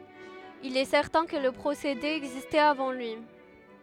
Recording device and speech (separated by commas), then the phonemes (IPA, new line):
headset microphone, read sentence
il ɛ sɛʁtɛ̃ kə lə pʁosede ɛɡzistɛt avɑ̃ lyi